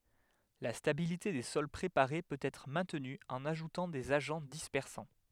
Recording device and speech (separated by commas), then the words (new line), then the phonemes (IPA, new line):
headset microphone, read sentence
La stabilité des sols préparés peut être maintenue en ajoutant des agents dispersants.
la stabilite de sɔl pʁepaʁe pøt ɛtʁ mɛ̃tny ɑ̃n aʒutɑ̃ dez aʒɑ̃ dispɛʁsɑ̃